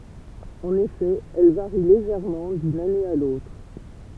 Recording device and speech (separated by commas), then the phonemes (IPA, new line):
temple vibration pickup, read sentence
ɑ̃n efɛ ɛl vaʁi leʒɛʁmɑ̃ dyn ane a lotʁ